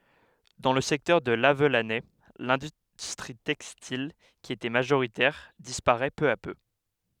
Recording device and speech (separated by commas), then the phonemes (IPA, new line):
headset microphone, read sentence
dɑ̃ lə sɛktœʁ də lavlanɛ lɛ̃dystʁi tɛkstil ki etɛ maʒoʁitɛʁ dispaʁɛ pø a pø